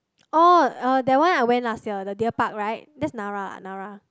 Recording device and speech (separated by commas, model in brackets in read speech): close-talking microphone, conversation in the same room